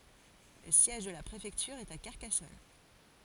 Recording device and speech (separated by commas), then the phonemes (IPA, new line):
forehead accelerometer, read sentence
lə sjɛʒ də la pʁefɛktyʁ ɛt a kaʁkasɔn